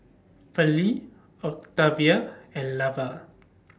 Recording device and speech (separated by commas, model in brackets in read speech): standing microphone (AKG C214), read sentence